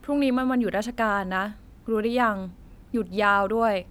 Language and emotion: Thai, neutral